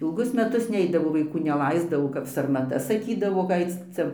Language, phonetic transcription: Lithuanian, ilˈgus meˈtus ˈneidavo vaiˈkų neˈlaisdavo kap sarmaˈta saˈkydavo ga ˈaic ˈcia

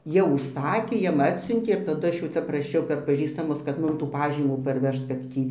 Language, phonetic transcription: Lithuanian, jau užˈsakė ˈjam ˈatsiuntė ir taˈdu ˈaš jau ˈcia praˈšiau per paˈžįstamus kad ˈmum tų ˈpažymų ˈparˈvežt kad ˈtį

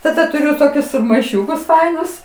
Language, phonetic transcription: Lithuanian, taˈda tuˈriu ˈtokius maiˈšiukus ˈfainus

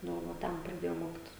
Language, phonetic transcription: Lithuanian, ˈnu ˈva ˈten praˈdėjau ˈmokitis

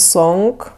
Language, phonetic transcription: Lithuanian, ˈsonk

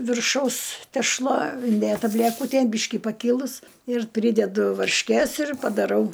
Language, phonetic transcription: Lithuanian, virˈšaus tešˈla inˈdėta blæˈkutėn ˈbyški paˈkylus ir ˈprydedu varšˈkės ir padaˈrau

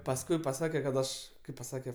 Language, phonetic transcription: Lithuanian, pasˈkui paˈsake kad ˈaš ˈkaip paˈsake

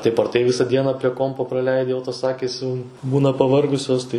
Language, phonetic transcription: Lithuanian, ˈtaip ar ˈtai ˈvisa ˈdiena prie ˈkompo praˈleidi jau tos ˈakys jau ˈbūna paˈvargusios tai

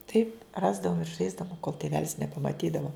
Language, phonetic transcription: Lithuanian, ˈtaip ˈrasdavum ir ˈžaisdavum kol tėˈvelis nepamaˈtydavo

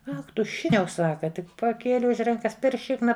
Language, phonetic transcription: Lithuanian, ˈach ˈtu ˈšikniau ˈsaka ˈtik paˈkėli už ˈrankas per ˈšikna

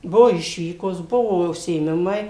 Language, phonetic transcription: Lithuanian, ˈbuvo ˈišvykos ˈbuvo užsiėˈmimai

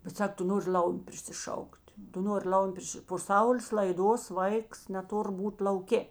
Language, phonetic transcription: Lithuanian, bet ˈsak ˈtu ˈnori ˈl'aumiu prisiˈšauk't' ˈtu ˈnori ˈlaumiu ˈpriši po ˈsaulės laiˈdos ˈvaiks neˈtur ˈbūt lauˈkė

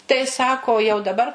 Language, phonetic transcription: Lithuanian, tai ˈsako jau daˈbar

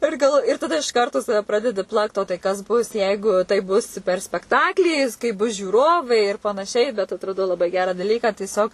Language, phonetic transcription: Lithuanian, ˈir galv ir taˈda iš karˈto ˈsave ˈpradedi ˈplakt o tai ˈkas ˈbus ˈjeigu taip ˈbus per spekˈtaklį kai ˈbus žiūˈrovai ir panaˈšiai bet atraˈdau laˈbai ˈgerą daˈlyką tieˈsiog

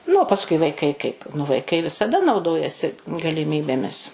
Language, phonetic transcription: Lithuanian, nu o pasˈkui vaiˈkai kaip nu vaiˈkai visaˈda nauˈdojasi galiˈmybėmis

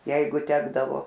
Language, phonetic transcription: Lithuanian, ˈjeigu ˈtekdavo

